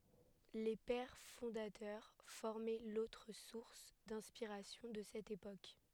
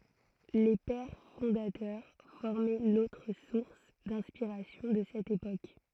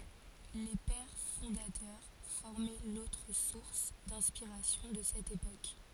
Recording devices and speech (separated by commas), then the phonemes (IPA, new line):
headset microphone, throat microphone, forehead accelerometer, read sentence
le pɛʁ fɔ̃datœʁ fɔʁmɛ lotʁ suʁs dɛ̃spiʁasjɔ̃ də sɛt epok